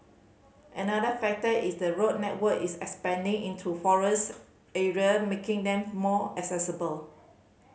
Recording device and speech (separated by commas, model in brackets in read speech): mobile phone (Samsung C5010), read sentence